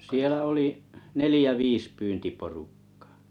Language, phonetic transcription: Finnish, 'sielä oli’ , "nelĭjä "viis 'pyntiporukkᴀᴀ .
- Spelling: siellä oli neljä viisi pyyntiporukkaa

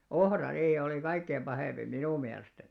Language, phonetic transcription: Finnish, ohrariihi olì 'kaikkeim 'ʙahèmʙi "minù miälestäni .
- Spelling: ohrariihi oli kaikkein pahin minun mielestäni

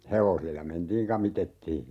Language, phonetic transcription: Finnish, 'hevosilla "mentiiŋ 'kamitettii .
- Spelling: hevosilla mentiin kamitettiin

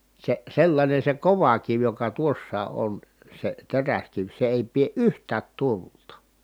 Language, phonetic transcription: Finnish, se sellańen̬ se kova kiv joka tuossaa ʼon , se teräskiv se èi pie ʼyht̀äät tulta .
- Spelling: se sellainen se kova kivi joka tuossa on se teräskivi se ei pidä yhtään tulta

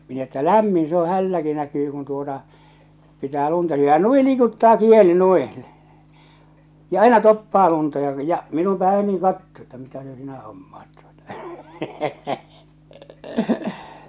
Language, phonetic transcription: Finnish, min ‿että "lämmin se ‿o 'hälläki 'näkyy kun tuota , pitää 'lunta syy₍ä ja "nui 'liikuttaa "kieli 'nuiḭ -l , ja "aina "toppaa lunta ja , ja minu ̳ 'päe nuiŋ 'kattoo että mitä se 'sinä 'hommaat tuotᴀ .
- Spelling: minä että lämmin se on hänelläkin näkyy kun tuota pitää lunta syödä ja noin liikuttaa kieli noin - ja aina toppaa lunta ja ja minuun päin noin katsoo että mitä se sinä hommaat tuota

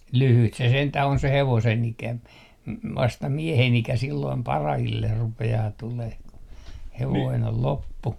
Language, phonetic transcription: Finnish, "lyhyt se sentäh ‿on se 'hevosen 'ikä ‿m- , 'vasta "miehen 'ikä silloim "parahiller 'rupe₍aa 'tuleh ku , 'hevoin ol "loppu .
- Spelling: lyhyt se sentään on se hevosen ikä - vasta miehen ikä silloin parhaille rupeaa tulemaan kun hevonen on loppu

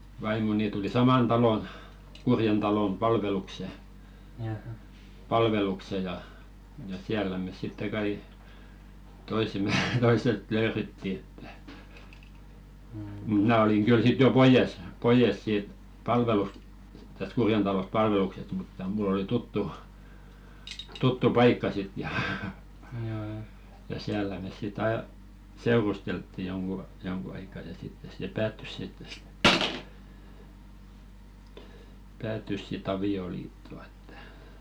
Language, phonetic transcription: Finnish, 'vaimoni tuli "saman 'talon , 'Kurjen talom 'palvelukse , 'palvelukse ja , ja "siällä mes sitte 'kai , 'toisem̆me 'tois̀et "lööretti että , mut 'mnä̀ oliŋ 'ɢyl sit jo "poijes , 'poijes siit , palvelus- , täsᵗ "Kurjen talosᵗ 'palveluksest mutta mul̆l ‿oli 'tuttu , 'tuttu "paikka sit ja , ja 'siällä mès sit 'ai̬ , "seurusteltti joŋɢu , 'joŋɢu aika ja 'sittes se "päättys sitt ‿et , 'päättys si"t ‿avi₍oliittᴏ ‿ᴇttᴀ̈ .
- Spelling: vaimoni tuli saman talon Kurjen talon palvelukseen palvelukseen ja ja siellä me sitten kai toisemme toiset löydettiin että mutta minä olin kyllä sitten jo pois pois siitä - tästä Kurjen talosta palveluksesta mutta minulla oli tuttu tuttu paikka sitten ja ja siellä me sitten aina seurusteltiin jonkun jonkun aikaa ja sitten se päättyi sitten että päättyi sitten avioliittoon että

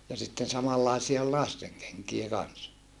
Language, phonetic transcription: Finnish, ja sitten samallàesie ol lasteŋ keŋkie kans .
- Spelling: ja sitten samanlaisia oli lasten kenkiä kanssa

